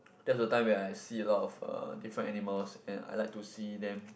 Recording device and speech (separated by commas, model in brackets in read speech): boundary microphone, conversation in the same room